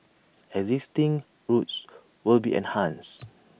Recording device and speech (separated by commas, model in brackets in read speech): boundary microphone (BM630), read sentence